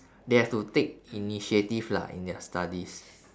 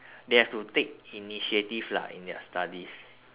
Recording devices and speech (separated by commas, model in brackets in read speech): standing microphone, telephone, conversation in separate rooms